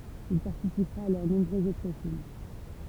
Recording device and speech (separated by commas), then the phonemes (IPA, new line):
temple vibration pickup, read sentence
il paʁtisipʁa a lœʁ nɔ̃bʁøz otʁ film